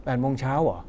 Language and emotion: Thai, neutral